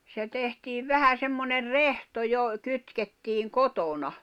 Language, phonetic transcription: Finnish, se tehtiiv "vähä semmoner "rehto jo , 'kytkettiiŋ "kotona .
- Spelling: se tehtiin vähän semmoinen rehto jo kytkettiin kotona

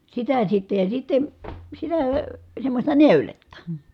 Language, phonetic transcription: Finnish, sitä sitte ja sitten̬ , sitää ə , semmośta nèyletta .
- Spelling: sitä sitten ja sitten sitä - semmoista neuletta

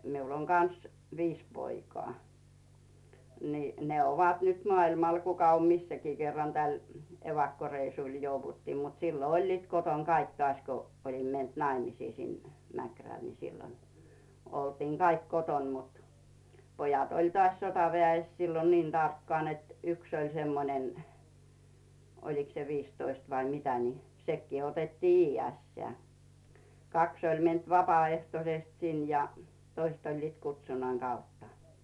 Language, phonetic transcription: Finnish, miul ‿oŋ "kans 'viis poikᵒà , nì , ne 'ovat nyt 'mᵒailmal 'kuka om "missäkii 'kerran täl , 'evakkoreisùl 'jouvuttii mut sillo "oĺliit 'koton 'kaik tᵒàśko , 'olim me̳nt "naimisii sin , Mäkräl ni sillon , oltiiŋ Caik 'koton mut , 'pojat oĺ "toàś 'sotaveä̀₍es sillon 'niin 'tarkkaan net , "yks oĺ semmonen̳ , oliks se 'viistoist vai 'mitä ni , 'sekkii otettii "iijeä̀steä̀ , 'kaks oĺ me̳nt "vapà₍ehtosest 'sin ja , 'toist oĺliit "kutsunnaŋ 'Gautta .
- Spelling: minulla on kanssa viisi poikaa niin ne ovat nyt maailmalla kuka on missäkin kerran tälle evakkoreissulle jouduttiin mutta silloin olivat kotona kaikki taas kun olin mennyt naimisiin sinne Mäkrälle niin silloin oltiin kaikki kotona mutta pojat oli taas sotaväessä silloin niin tarkkaan että yksi oli semmoinen olikos se viisitoista vai mitä niin sekin otettiin iästään kaksi oli mennyt vapaaehtoisesti sinne ja toiset olivat kutsunnan kautta

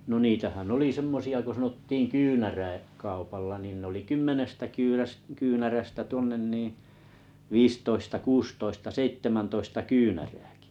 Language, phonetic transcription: Finnish, no 'niitähän 'oli 'semmosi₍a ko sanottiiŋ "kynärä̀- -'kaupalla nin n ‿oli "kymmenestä 'kyyräs- 'kyynärästä 'tuonnen niiⁱ , 'viistoista 'kuustoista 'seit̳tä̳mäntoista 'kyynärääkɪ .
- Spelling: no niitähän oli semmoisia kun sanottiin - kyynäräkaupalla niin ne oli kymmenestä - kyynärästä tuonne niin viisitoista kuusitoista seitsemäntoista kyynärääkin

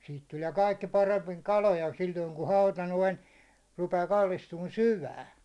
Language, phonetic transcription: Finnish, siit 'tulie 'kaikki paremmiŋ "kaloja sil̜l̜oiŋ ku 'hauta 'noin , rupee 'kallistuun "syvään .
- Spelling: siitä tulee kaikki paremmin kaloja silloin kun hauta noin rupeaa kallistumaan syvään

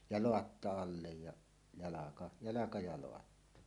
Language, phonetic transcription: Finnish, ja "loatta "allej ja , 'jalaka , "jalaka ja 'loatta .
- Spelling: ja laatta alle ja jalka jalka ja laatta

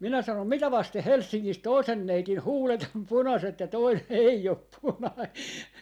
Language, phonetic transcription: Finnish, 'minä sanom » 'mitä 'vasteh̆ "Helssiŋŋis 'toisen 'neitin "huulet om "punaset ja 'toinen 'ei op "punai .
- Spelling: minä sanoin mitä vasten Helsingissä toisen neidin huulet on punaiset ja toinen ei ole punainen

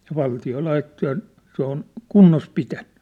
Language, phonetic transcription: Finnish, ja 'valti₍o 'laitto ja , 'se ‿on , "kunnos 'pitäɴɴʏ .
- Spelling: ja valtio laittoi ja se on kunnossa pitänyt

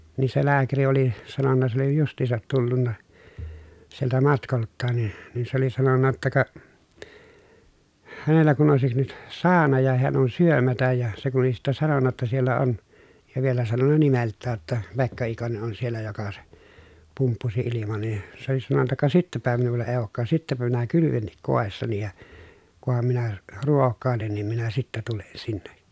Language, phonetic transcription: Finnish, nii se lääkäri oli , sanonna s ‿oli just̀iisat tullunna , sieltä matkolttaan ni , nin se oli sanonna ‿tta ka , hänellä kun òesik nyt , saana ja heän ‿on syömätäj ja , se kun oli sittä sanonna ‿tta » siellä on » , ja vielä sanonna nimelttää ‿ttä , » Pekka Ikone ʼon siellä joka se , pumppusi iliman̬ » nin̬ , se oli sanonna » ka sittäpä minulla èi̮ ookkaas sittäpä minä kylyvennik kòessani ja , kuham minä , ruokkàelen nim minä sittä tulen sinne » .
- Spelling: niin se lääkäri oli sanonut se oli justiinsa tullut sieltä matkoiltaan niin niin se oli sanonut jotta ka hänellä kun olisi nyt sauna ja hän on syömättä ja se kun oli sitten sanonut jotta siellä on ja vielä sanonut nimeltään että Pekka Ikonen on siellä joka se pumppusi ilman niin se oli sanonut ka sittenpä minulla ei olekaan sittenpä minä kylvenkin kodissani ja kunhan minä ruokailen niin minä sitten tulen sinne

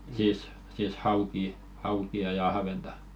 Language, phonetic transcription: Finnish, siis , siis "haukii , 'hauki₍a ja ahventa .
- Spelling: siis siis haukia haukia ja ahventa

